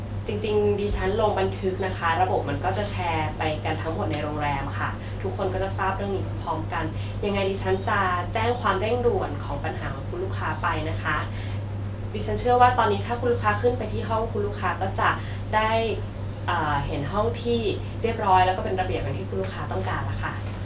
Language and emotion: Thai, neutral